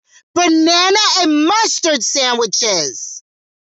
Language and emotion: English, neutral